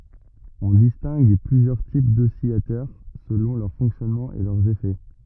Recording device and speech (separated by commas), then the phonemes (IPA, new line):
rigid in-ear microphone, read sentence
ɔ̃ distɛ̃ɡ plyzjœʁ tip dɔsilatœʁ səlɔ̃ lœʁ fɔ̃ksjɔnmɑ̃ e lœʁz efɛ